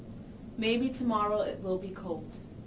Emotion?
neutral